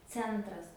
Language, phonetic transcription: Lithuanian, ˈcentras

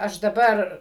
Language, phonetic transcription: Lithuanian, ˈaš daˈbar

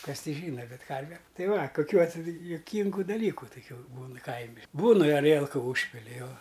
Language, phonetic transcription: Lithuanian, ˈkas ˈti ˈžyna ˈbet ˈkarve ˈtai ˈva kuˈkių atˈsi juˈkyngu daˈlyku tuˈkių ˈbūnɨ ˈkaimi ˈbūn i aˈrielku ˈūžpili ˈjo

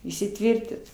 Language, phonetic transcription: Lithuanian, įsiˈtvirtit

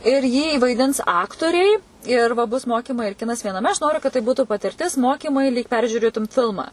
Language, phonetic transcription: Lithuanian, ir jį vaiˈdins ˈaktoriai ir va bus ˈmokimai ir ˈkinas vienaˈme aš ˈnoriu kad tai ˈbūtu patirˈtis ˈmokimai lyg ˈperžiūrėtum ˈfilma

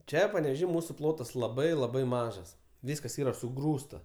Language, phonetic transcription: Lithuanian, ˈčia paneveˈžy ˈmūsu ˈplotas laˈbai laˈbai ˈmažas ˈvyskas ˈyra suˈgrūsta

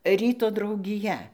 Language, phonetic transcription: Lithuanian, ˈryto draugiˈja

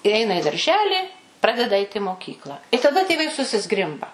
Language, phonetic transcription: Lithuanian, i ˈeina i darˈželį ˈpradeda ait' i moˈkykla i taˈda tėˈvai susiˈzgrimba

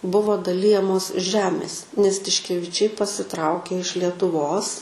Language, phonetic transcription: Lithuanian, ˈbuvo daˈlijamos ˈžemės nes tiškeviˈčiai pasiˈtraukė iš lietuˈvos

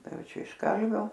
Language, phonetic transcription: Lithuanian, ˈtai ˈjau ˈčia iš ˈkalvio

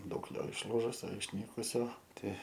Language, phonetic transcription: Lithuanian, ˈdaug ˈjo išˈlūžusio išˈnykusio ˈtei

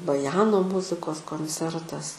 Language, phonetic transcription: Lithuanian, baˈjano ˈmuzikos konˈcertas

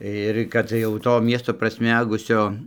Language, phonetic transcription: Lithuanian, ir ˈkad jau ˈto ˈmiesto prasˈmegusio

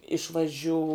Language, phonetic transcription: Lithuanian, išvaˈžiū

